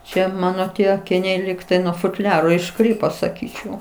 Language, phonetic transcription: Lithuanian, ˈčia ˈmano ˈtie akiˈniai ˈlygtai nuo futˈliaro išˈkrypo saˈkyčiau

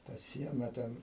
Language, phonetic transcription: Lithuanian, ta ˈsiena ˈten

